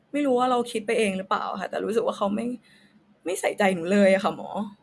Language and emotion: Thai, frustrated